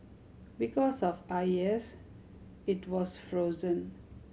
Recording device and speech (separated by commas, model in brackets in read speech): mobile phone (Samsung C7100), read sentence